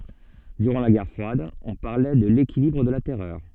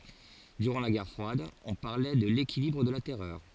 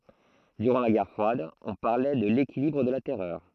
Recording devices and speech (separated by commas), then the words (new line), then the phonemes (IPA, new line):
soft in-ear microphone, forehead accelerometer, throat microphone, read sentence
Durant la guerre froide, on parlait de l'équilibre de la terreur.
dyʁɑ̃ la ɡɛʁ fʁwad ɔ̃ paʁlɛ də lekilibʁ də la tɛʁœʁ